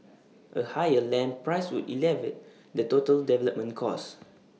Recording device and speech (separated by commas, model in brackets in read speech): mobile phone (iPhone 6), read sentence